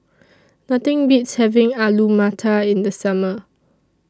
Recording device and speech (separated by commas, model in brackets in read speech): standing microphone (AKG C214), read sentence